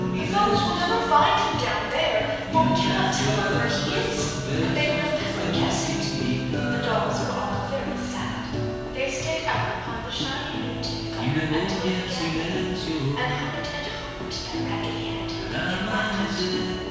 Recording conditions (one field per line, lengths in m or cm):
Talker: one person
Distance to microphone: 7.1 m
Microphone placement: far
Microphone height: 1.7 m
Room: very reverberant, large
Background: music